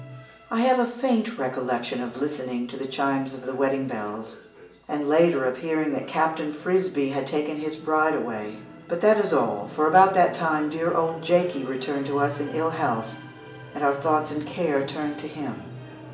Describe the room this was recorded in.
A spacious room.